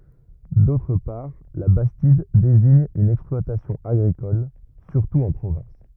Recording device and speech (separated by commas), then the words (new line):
rigid in-ear microphone, read sentence
D’autre part, la bastide désigne une exploitation agricole, surtout en Provence.